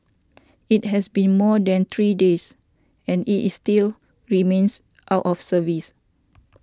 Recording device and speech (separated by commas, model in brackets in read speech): standing microphone (AKG C214), read sentence